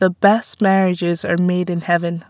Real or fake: real